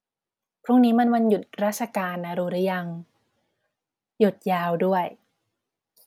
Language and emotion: Thai, neutral